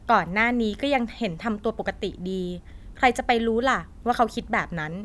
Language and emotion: Thai, frustrated